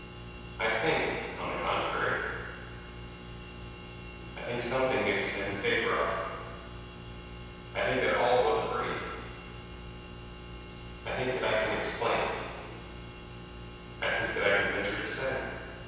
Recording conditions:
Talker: one person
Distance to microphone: 7.1 m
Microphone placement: far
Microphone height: 1.7 m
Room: very reverberant, large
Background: none

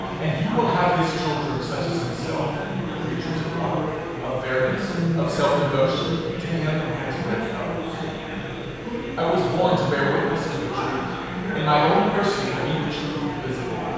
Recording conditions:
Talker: one person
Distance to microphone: 7.1 m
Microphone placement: far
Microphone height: 1.7 m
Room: very reverberant, large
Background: babble

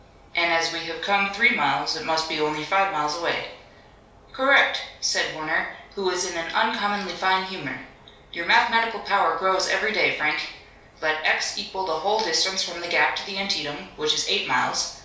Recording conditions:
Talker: one person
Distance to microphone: 3.0 m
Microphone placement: far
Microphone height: 1.8 m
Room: small (3.7 m by 2.7 m)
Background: none

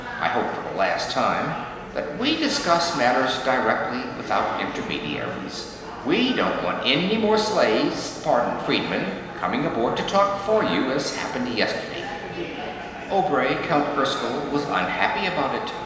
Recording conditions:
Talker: one person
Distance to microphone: 1.7 m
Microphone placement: close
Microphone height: 1.0 m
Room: very reverberant, large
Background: babble

